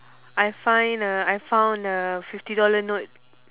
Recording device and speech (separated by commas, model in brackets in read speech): telephone, conversation in separate rooms